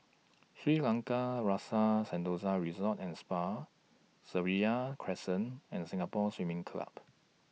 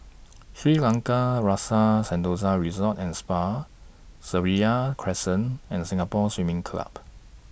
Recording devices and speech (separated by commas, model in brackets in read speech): mobile phone (iPhone 6), boundary microphone (BM630), read sentence